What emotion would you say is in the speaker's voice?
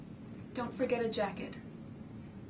neutral